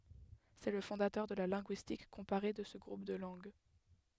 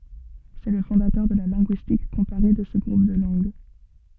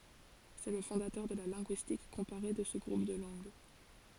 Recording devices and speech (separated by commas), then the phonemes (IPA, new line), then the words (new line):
headset microphone, soft in-ear microphone, forehead accelerometer, read sentence
sɛ lə fɔ̃datœʁ də la lɛ̃ɡyistik kɔ̃paʁe də sə ɡʁup də lɑ̃ɡ
C'est le fondateur de la linguistique comparée de ce groupe de langues.